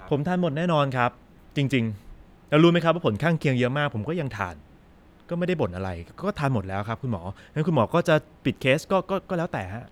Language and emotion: Thai, frustrated